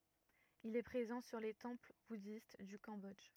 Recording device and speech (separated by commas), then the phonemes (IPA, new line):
rigid in-ear microphone, read sentence
il ɛ pʁezɑ̃ syʁ le tɑ̃pl budist dy kɑ̃bɔdʒ